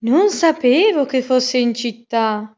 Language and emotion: Italian, surprised